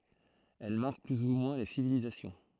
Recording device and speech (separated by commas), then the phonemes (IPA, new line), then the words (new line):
throat microphone, read sentence
ɛl maʁk ply u mwɛ̃ le sivilizasjɔ̃
Elles marquent plus ou moins les civilisations.